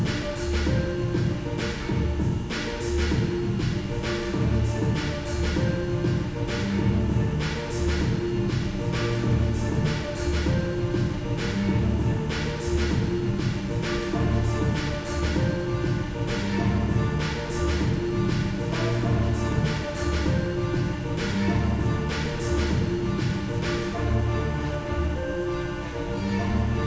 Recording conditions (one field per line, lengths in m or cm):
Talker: no one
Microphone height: 1.7 m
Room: very reverberant, large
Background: music